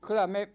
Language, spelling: Finnish, kyllä me
- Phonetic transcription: 'kyl̆lä 'me ,.

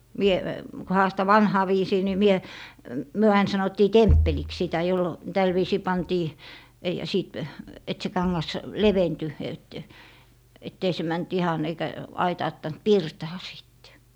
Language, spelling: Finnish, minä kun haastan vanhaan viisiin niin minä me aina sanottiin temppeliksi sitä - tällä viisiin pantiin ja - että se kangas leventyi että että ei se mennyt ihan eikä aitauttanut pirtaa sitten
- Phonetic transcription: 'mie , kᵘ 'haasta "vanhaa 'viisii ni 'mie , 'myö ain 'sanottii "temppeliks 'sitä jollo- , 'täl viisii 'pantii , ja 'siit- , et se 'kaŋŋas , "leventy , et , et't ‿ei se 'mänt "ihan eikä , 'aitaattant "pirtaa 'sìtte .

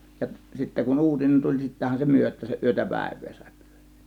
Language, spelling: Finnish, ja sitten kun uutinen tuli sittenhän se myötäänsä yötä päivää sai pyöriä
- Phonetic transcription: ja sittä kun "uutinen "tuĺ 'sittähän se "myöt̆t(ää)säˀ "ˀyötä "pä̬̀ėv̆vee sàė '(pYÖR̆RII) .

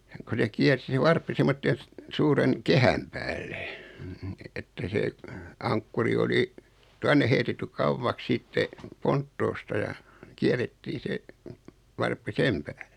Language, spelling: Finnish, kun se kiersi se varppi semmoisen - suuren kehän päällä että se ankkuri oli tuonne heitetty kauaksi sitten ponttoosta ja kierrettiin se varppi sen päälle
- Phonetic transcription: ko se 'kiärsi se "varppi semmotten̬ s- , 'suuren , "kehäm päällᴇ , että 'see , 'aŋkkuri oli , 'tuanne heitetty "kauvvaks 'sitte , "ponttoosta ja , 'kiärettii se , 'varppi "sem pääʟᴇ .

